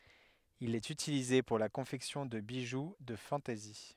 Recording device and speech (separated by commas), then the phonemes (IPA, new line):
headset microphone, read sentence
il ɛt ytilize puʁ la kɔ̃fɛksjɔ̃ də biʒu də fɑ̃tɛzi